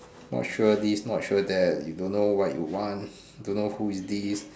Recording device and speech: standing microphone, conversation in separate rooms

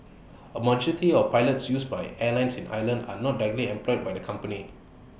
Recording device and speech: boundary microphone (BM630), read sentence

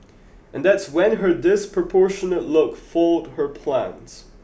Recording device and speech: boundary microphone (BM630), read sentence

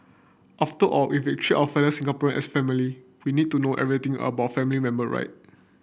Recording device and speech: boundary microphone (BM630), read sentence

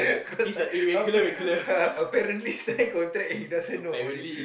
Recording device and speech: boundary microphone, conversation in the same room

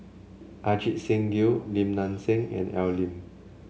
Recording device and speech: mobile phone (Samsung C7), read sentence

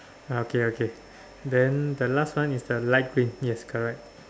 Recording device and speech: standing microphone, conversation in separate rooms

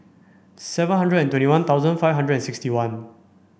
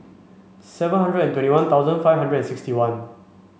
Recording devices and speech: boundary microphone (BM630), mobile phone (Samsung C5), read sentence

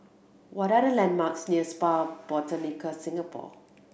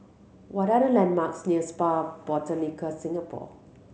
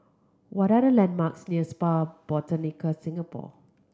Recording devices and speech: boundary microphone (BM630), mobile phone (Samsung C7100), close-talking microphone (WH30), read sentence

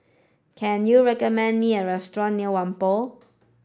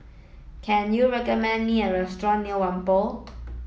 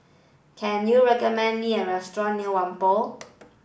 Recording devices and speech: standing microphone (AKG C214), mobile phone (iPhone 7), boundary microphone (BM630), read sentence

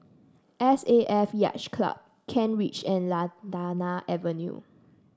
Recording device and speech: standing microphone (AKG C214), read sentence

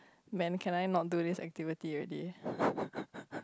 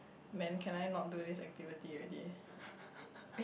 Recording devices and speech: close-talking microphone, boundary microphone, conversation in the same room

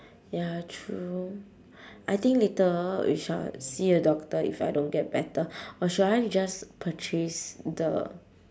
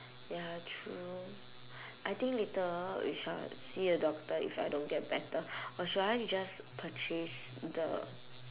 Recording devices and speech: standing microphone, telephone, conversation in separate rooms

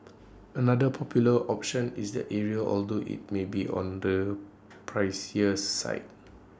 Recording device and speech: standing microphone (AKG C214), read sentence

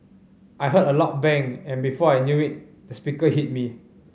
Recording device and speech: mobile phone (Samsung C5010), read sentence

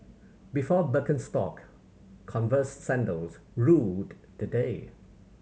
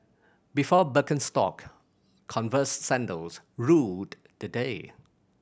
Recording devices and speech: mobile phone (Samsung C7100), boundary microphone (BM630), read sentence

